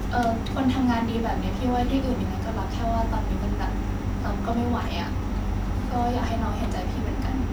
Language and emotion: Thai, frustrated